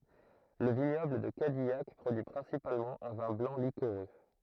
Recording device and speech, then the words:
throat microphone, read sentence
Le vignoble de Cadillac produit principalement un vin blanc liquoreux.

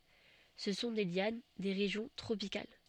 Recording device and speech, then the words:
soft in-ear microphone, read sentence
Ce sont des lianes, des régions tropicales.

